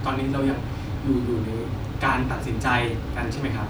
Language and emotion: Thai, frustrated